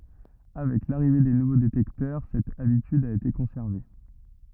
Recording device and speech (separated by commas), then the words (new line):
rigid in-ear microphone, read sentence
Avec l'arrivée des nouveaux détecteurs, cette habitude a été conservée.